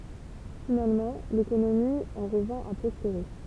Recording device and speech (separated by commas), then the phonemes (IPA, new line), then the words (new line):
temple vibration pickup, read sentence
finalmɑ̃ lekonomi ɑ̃ ʁəvɛ̃ a pʁɔspeʁe
Finalement, l'économie en revint à prospérer.